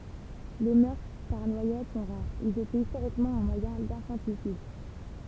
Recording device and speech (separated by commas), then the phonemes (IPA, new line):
temple vibration pickup, read sentence
le mœʁtʁ paʁ nwajad sɔ̃ ʁaʁz ilz etɛt istoʁikmɑ̃ œ̃ mwajɛ̃ dɛ̃fɑ̃tisid